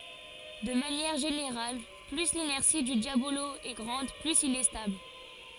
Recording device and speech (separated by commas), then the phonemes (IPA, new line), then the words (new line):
forehead accelerometer, read sentence
də manjɛʁ ʒeneʁal ply linɛʁsi dy djabolo ɛ ɡʁɑ̃d plyz il ɛ stabl
De manière générale plus l’inertie du diabolo est grande, plus il est stable.